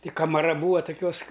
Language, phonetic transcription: Lithuanian, ti kamaˈra ˈbūa toˈkiuos

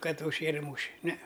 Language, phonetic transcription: Lithuanian, ˈkad užˈšėre ˈmūše ne

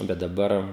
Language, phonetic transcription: Lithuanian, ˈbet daˈbar

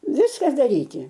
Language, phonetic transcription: Lithuanian, ˈviska daˈryti

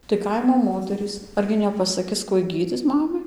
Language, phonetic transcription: Lithuanian, tai ˈkaimo ˈmoterys ˈargi nepasaˈkis ˈkuoj ˈgydzic ˈmamai

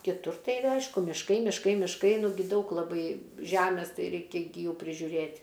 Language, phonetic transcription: Lithuanian, kiˈtur ˈtai ˈaišku mišˈkai mišˈkai mišˈkai nuˈgi ˈdaug laˈbai ˈžæmės ˈtai ˈreikia ˈgi ˈjų prižiuˈrėt'

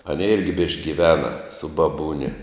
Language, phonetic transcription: Lithuanian, aˈnė ˈirgi bišk' giˈvena su baˈbūne

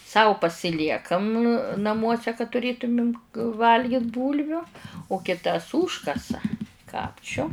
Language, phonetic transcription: Lithuanian, ˈsau pasiˈliekam naˈmuose ka tuˈrėtumim ˈvalgit ˈbūlviu u kiˈtas ˈūžkasa ˈkapčiu

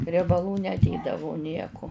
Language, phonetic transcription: Lithuanian, riebaˈlų neˈdėdavu ˈnieku

